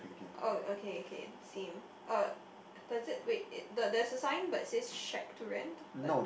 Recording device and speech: boundary microphone, conversation in the same room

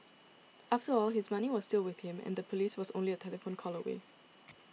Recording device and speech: mobile phone (iPhone 6), read sentence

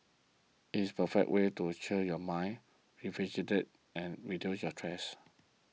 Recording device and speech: mobile phone (iPhone 6), read sentence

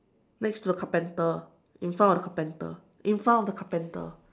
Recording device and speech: standing microphone, conversation in separate rooms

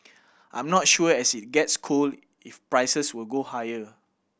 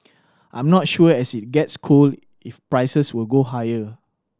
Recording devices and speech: boundary microphone (BM630), standing microphone (AKG C214), read sentence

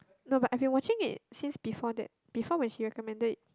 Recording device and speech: close-talking microphone, conversation in the same room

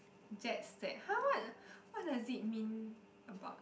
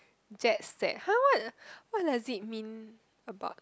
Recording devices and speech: boundary microphone, close-talking microphone, conversation in the same room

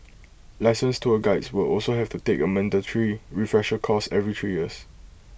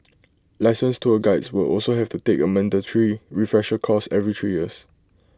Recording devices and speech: boundary microphone (BM630), close-talking microphone (WH20), read sentence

